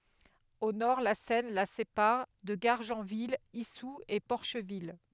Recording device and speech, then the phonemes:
headset microphone, read sentence
o nɔʁ la sɛn la sepaʁ də ɡaʁʒɑ̃vil isu e pɔʁʃvil

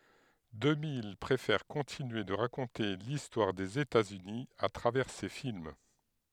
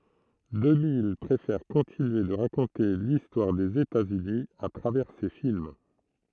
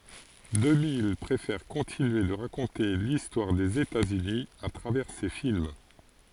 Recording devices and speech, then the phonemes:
headset microphone, throat microphone, forehead accelerometer, read sentence
dəmij pʁefɛʁ kɔ̃tinye də ʁakɔ̃te listwaʁ dez etaz yni a tʁavɛʁ se film

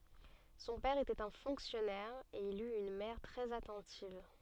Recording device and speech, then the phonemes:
soft in-ear microphone, read sentence
sɔ̃ pɛʁ etɛt œ̃ fɔ̃ksjɔnɛʁ e il yt yn mɛʁ tʁɛz atɑ̃tiv

